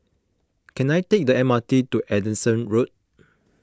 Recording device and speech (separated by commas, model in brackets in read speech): close-talking microphone (WH20), read sentence